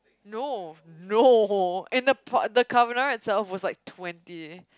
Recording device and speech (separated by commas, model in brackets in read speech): close-talking microphone, conversation in the same room